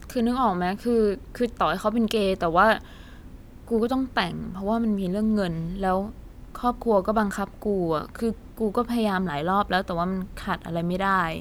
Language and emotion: Thai, frustrated